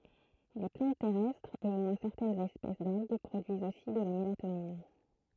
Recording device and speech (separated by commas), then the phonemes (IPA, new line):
throat microphone, read sentence
le plɑ̃t tɛʁɛstʁz e o mwɛ̃ sɛʁtɛnz ɛspɛs dalɡ pʁodyizt osi də la melatonin